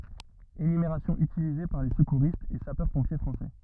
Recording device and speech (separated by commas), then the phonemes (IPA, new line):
rigid in-ear microphone, read sentence
enymeʁasjɔ̃ ytilize paʁ le səkuʁistz e sapœʁspɔ̃pje fʁɑ̃sɛ